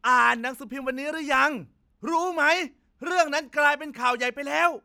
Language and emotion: Thai, angry